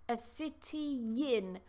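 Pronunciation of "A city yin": In 'a city in', 'city' links to 'in' with a y sound, so 'in' sounds like 'yin'.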